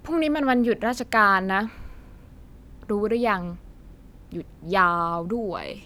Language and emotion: Thai, frustrated